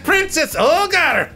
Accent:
imitating Scottish accent